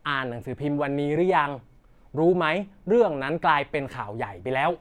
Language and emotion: Thai, neutral